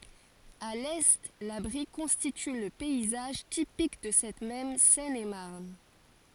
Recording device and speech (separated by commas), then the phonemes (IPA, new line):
forehead accelerometer, read sentence
a lɛ la bʁi kɔ̃stity lə pɛizaʒ tipik də sɛt mɛm sɛnemaʁn